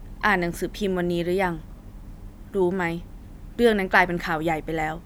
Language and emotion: Thai, frustrated